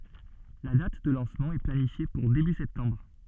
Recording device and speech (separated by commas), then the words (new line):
soft in-ear microphone, read sentence
La date de lancement est planifiée pour début septembre.